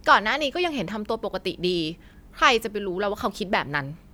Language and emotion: Thai, frustrated